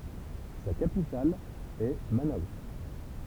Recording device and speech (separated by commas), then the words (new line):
temple vibration pickup, read sentence
Sa capitale est Manaus.